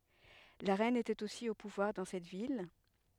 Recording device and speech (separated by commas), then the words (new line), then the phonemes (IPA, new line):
headset microphone, read sentence
La reine était aussi au pouvoir dans cette ville.
la ʁɛn etɛt osi o puvwaʁ dɑ̃ sɛt vil